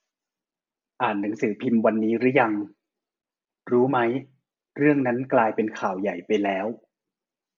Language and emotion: Thai, neutral